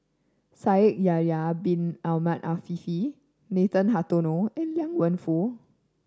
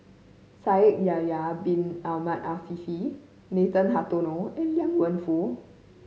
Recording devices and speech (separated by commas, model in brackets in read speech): standing microphone (AKG C214), mobile phone (Samsung C5010), read sentence